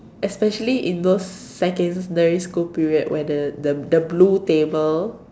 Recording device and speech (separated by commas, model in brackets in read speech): standing microphone, conversation in separate rooms